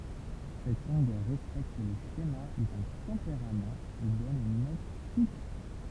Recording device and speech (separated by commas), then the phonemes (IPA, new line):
temple vibration pickup, read sentence
sɛt lɔ̃ɡœʁ ʁɛspɛkt lə ʃema dœ̃ tɑ̃peʁamt e dɔn yn nɔt fiks